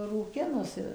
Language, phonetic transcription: Lithuanian, rūˈkinusi

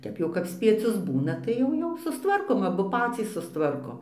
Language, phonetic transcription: Lithuanian, ˈtep jau kap spieˈcius ˈbūna ˈtai jau jau sustˈvarkom aˈbu ˈpacys susˈtvarkom

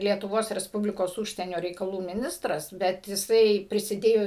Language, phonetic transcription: Lithuanian, lietuˈvos resˈpublikos ˈūžsienio reikaˈlų miˈnistras bet jiˈsai prisiˈdėjo

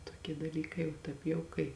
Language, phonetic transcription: Lithuanian, toˈkie daˈlykai o ˈtaip jau kai

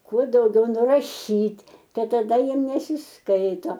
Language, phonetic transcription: Lithuanian, ˈkuo dauˈgiau nuraˈšyt' ˈtai taˈda ˈjiem nesisˈkaito

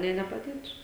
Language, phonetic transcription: Lithuanian, nė nepaˈdėtų

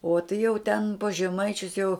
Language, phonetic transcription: Lithuanian, o tai jau ten pas žeˈmaičius jau

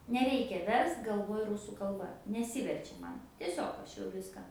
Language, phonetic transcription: Lithuanian, neˈreikia ˈverst galˈvoj ˈrusų kalˈba neˈsiverčia ˈman tieˈsiog ˈaš jau ˈviską

